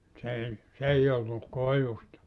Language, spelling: Finnish, se ei se ei ollut koivusta
- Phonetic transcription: s ‿ei , 's ‿ei ollu , 'koivusta .

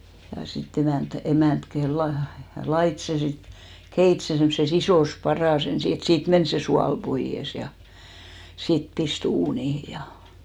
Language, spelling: Finnish, ja sitten emäntä emäntä - - laittoi sen sitten keitti sen semmoisessa isossa padassa ensin että siitä meni se suola pois ja sitten pisti uuniin ja
- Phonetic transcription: ja si't ‿emä̀nt , 'emä̀nt ke- , la- , 'lait se sit , 'keit se semmᵒse's ‿isòs 'parà's ‿ensi et siit "men 'se sual 'poiʲes ja , sit 'pis't ‿uunihi ja .

